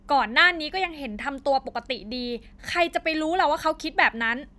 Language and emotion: Thai, angry